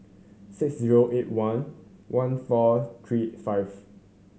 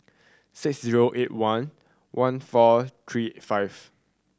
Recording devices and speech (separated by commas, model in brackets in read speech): mobile phone (Samsung C7100), standing microphone (AKG C214), read sentence